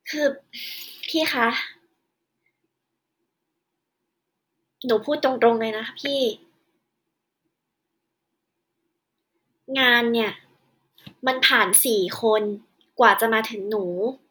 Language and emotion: Thai, frustrated